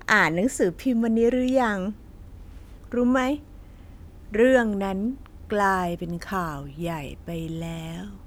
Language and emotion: Thai, neutral